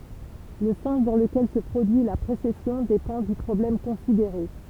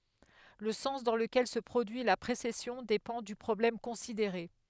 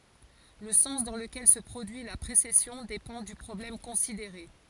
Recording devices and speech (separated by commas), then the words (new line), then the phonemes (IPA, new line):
temple vibration pickup, headset microphone, forehead accelerometer, read sentence
Le sens dans lequel se produit la précession dépend du problème considéré.
lə sɑ̃s dɑ̃ ləkɛl sə pʁodyi la pʁesɛsjɔ̃ depɑ̃ dy pʁɔblɛm kɔ̃sideʁe